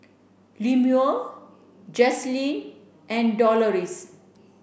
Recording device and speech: boundary microphone (BM630), read sentence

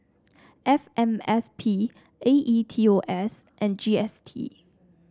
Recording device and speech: standing microphone (AKG C214), read sentence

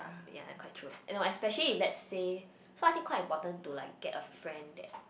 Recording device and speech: boundary microphone, conversation in the same room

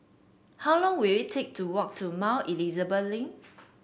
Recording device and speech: boundary microphone (BM630), read sentence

